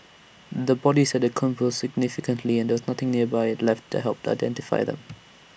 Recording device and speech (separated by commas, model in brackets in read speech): boundary microphone (BM630), read sentence